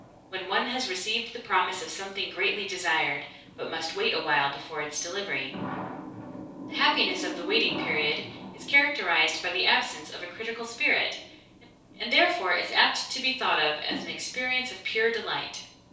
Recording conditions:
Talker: one person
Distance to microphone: 3.0 m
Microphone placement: far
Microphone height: 1.8 m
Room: small (3.7 m by 2.7 m)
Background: television

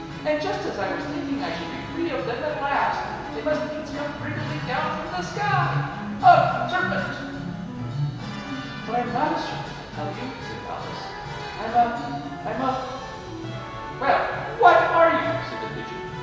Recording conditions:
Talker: one person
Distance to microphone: 1.7 m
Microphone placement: close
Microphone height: 1.0 m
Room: very reverberant, large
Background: music

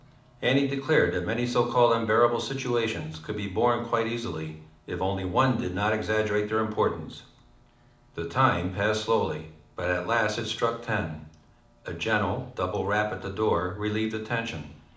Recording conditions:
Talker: one person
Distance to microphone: 2.0 m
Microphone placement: close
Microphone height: 99 cm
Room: medium-sized (5.7 m by 4.0 m)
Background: television

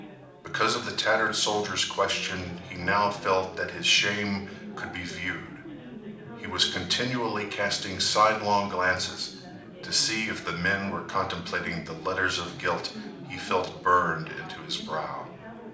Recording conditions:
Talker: one person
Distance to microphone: 2.0 m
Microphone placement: close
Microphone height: 99 cm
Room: medium-sized (5.7 m by 4.0 m)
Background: babble

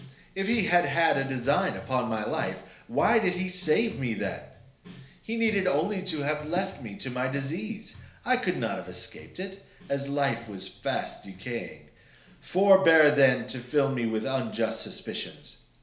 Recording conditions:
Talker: one person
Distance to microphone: 1.0 m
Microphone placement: close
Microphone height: 1.1 m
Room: small (3.7 m by 2.7 m)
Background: music

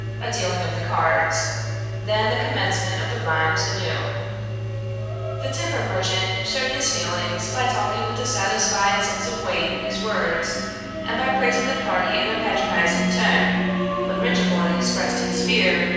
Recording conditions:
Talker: one person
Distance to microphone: 7.1 m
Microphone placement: far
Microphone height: 1.7 m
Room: very reverberant, large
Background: music

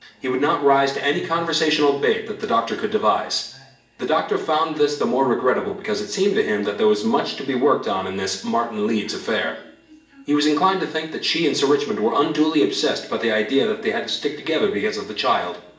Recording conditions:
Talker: one person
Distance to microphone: 1.8 m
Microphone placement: close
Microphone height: 1.0 m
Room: large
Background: television

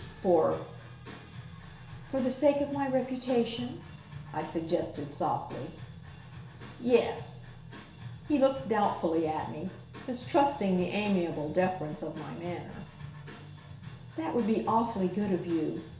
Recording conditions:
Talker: one person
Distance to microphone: 1.0 m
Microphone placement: close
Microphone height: 1.1 m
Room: small (3.7 m by 2.7 m)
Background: music

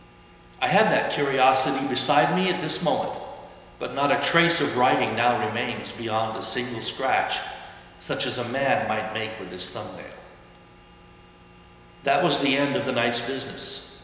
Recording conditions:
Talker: one person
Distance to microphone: 1.7 m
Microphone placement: close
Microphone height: 1.0 m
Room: very reverberant, large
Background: none

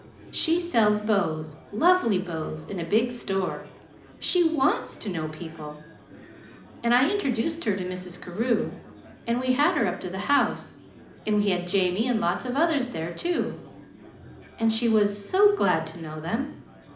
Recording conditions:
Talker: one person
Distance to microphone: 2.0 m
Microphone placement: close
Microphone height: 99 cm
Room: medium-sized (5.7 m by 4.0 m)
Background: babble

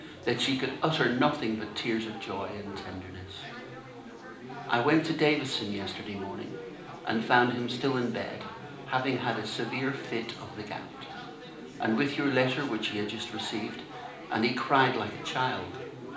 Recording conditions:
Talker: one person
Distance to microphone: 2.0 m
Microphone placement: close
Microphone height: 99 cm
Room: medium-sized (5.7 m by 4.0 m)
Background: babble

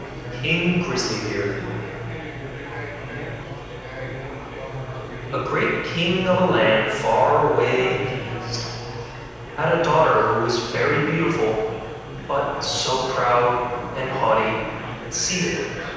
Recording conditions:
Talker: one person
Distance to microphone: 7.1 m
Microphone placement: far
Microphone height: 1.7 m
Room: very reverberant, large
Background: babble

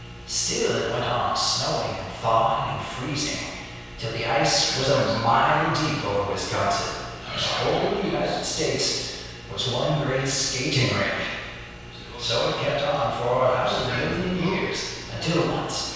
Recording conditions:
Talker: one person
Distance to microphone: 7.1 m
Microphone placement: far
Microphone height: 1.7 m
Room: very reverberant, large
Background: television

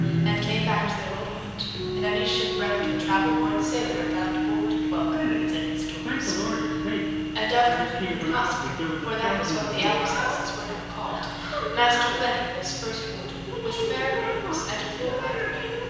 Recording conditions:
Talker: one person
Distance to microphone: 7.1 m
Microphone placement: far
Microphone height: 1.7 m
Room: very reverberant, large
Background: television

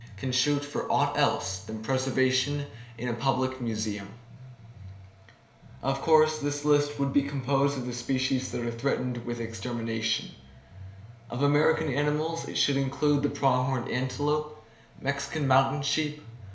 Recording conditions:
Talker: one person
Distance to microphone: 1.0 m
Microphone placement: close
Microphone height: 1.1 m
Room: small (3.7 m by 2.7 m)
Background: music

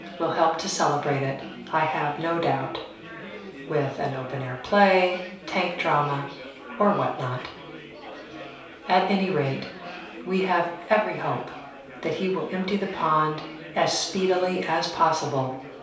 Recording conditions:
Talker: one person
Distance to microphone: 3.0 m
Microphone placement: far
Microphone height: 1.8 m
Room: small (3.7 m by 2.7 m)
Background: babble

